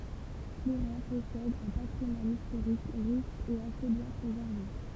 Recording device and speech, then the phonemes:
temple vibration pickup, read sentence
pluʁɛ̃ pɔsɛd œ̃ patʁimwan istoʁik ʁiʃ e ase bjɛ̃ pʁezɛʁve

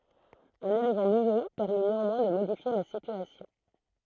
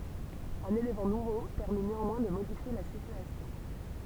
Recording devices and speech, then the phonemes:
throat microphone, temple vibration pickup, read sentence
œ̃n elemɑ̃ nuvo pɛʁmi neɑ̃mwɛ̃ də modifje la sityasjɔ̃

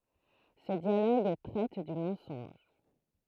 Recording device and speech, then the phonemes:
throat microphone, read sentence
sə djaloɡ tʁɛt dy mɑ̃sɔ̃ʒ

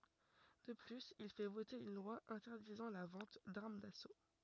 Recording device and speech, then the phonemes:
rigid in-ear microphone, read sentence
də plyz il fɛ vote yn lwa ɛ̃tɛʁdizɑ̃ la vɑ̃t daʁm daso

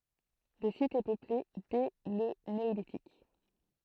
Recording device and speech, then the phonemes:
throat microphone, read sentence
lə sit ɛ pøple dɛ lə neolitik

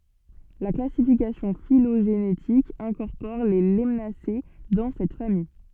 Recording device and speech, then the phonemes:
soft in-ear microphone, read sentence
la klasifikasjɔ̃ filoʒenetik ɛ̃kɔʁpɔʁ le lanase dɑ̃ sɛt famij

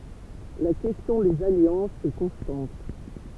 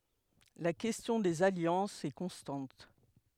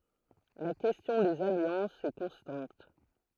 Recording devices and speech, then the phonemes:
temple vibration pickup, headset microphone, throat microphone, read sentence
la kɛstjɔ̃ dez aljɑ̃sz ɛ kɔ̃stɑ̃t

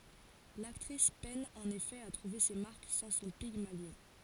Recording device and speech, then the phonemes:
forehead accelerometer, read sentence
laktʁis pɛn ɑ̃n efɛ a tʁuve se maʁk sɑ̃ sɔ̃ piɡmaljɔ̃

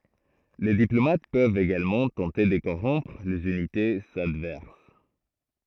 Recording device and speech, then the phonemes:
throat microphone, read sentence
le diplomat pøvt eɡalmɑ̃ tɑ̃te də koʁɔ̃pʁ lez ynitez advɛʁs

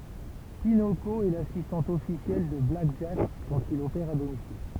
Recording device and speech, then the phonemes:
temple vibration pickup, read sentence
pinoko ɛ lasistɑ̃t ɔfisjɛl də blak ʒak kɑ̃t il opɛʁ a domisil

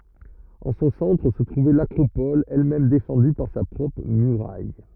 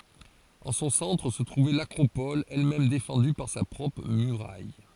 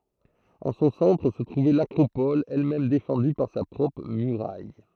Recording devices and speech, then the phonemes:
rigid in-ear microphone, forehead accelerometer, throat microphone, read sentence
ɑ̃ sɔ̃ sɑ̃tʁ sə tʁuvɛ lakʁopɔl ɛlmɛm defɑ̃dy paʁ sa pʁɔpʁ myʁaj

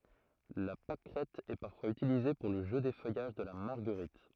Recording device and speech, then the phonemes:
throat microphone, read sentence
la pakʁɛt ɛ paʁfwaz ytilize puʁ lə ʒø defœjaʒ də la maʁɡəʁit

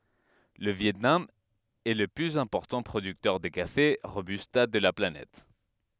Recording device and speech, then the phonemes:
headset microphone, read sentence
lə vjɛtnam ɛ lə plyz ɛ̃pɔʁtɑ̃ pʁodyktœʁ də kafe ʁobysta də la planɛt

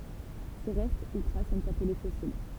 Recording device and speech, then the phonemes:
temple vibration pickup, read sentence
se ʁɛst u tʁas sɔ̃t aple fɔsil

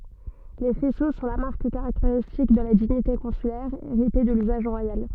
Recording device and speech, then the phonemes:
soft in-ear microphone, read sentence
le fɛso sɔ̃ la maʁk kaʁakteʁistik də la diɲite kɔ̃sylɛʁ eʁite də lyzaʒ ʁwajal

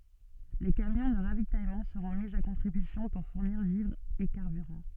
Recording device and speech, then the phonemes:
soft in-ear microphone, read sentence
le kamjɔ̃ də ʁavitajmɑ̃ səʁɔ̃ mi a kɔ̃tʁibysjɔ̃ puʁ fuʁniʁ vivʁz e kaʁbyʁɑ̃

